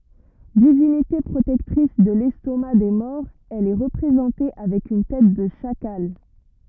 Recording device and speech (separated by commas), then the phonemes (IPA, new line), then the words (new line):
rigid in-ear microphone, read sentence
divinite pʁotɛktʁis də lɛstoma de mɔʁz ɛl ɛ ʁəpʁezɑ̃te avɛk yn tɛt də ʃakal
Divinité protectrice de l’estomac des morts, elle est représentée avec une tête de chacal.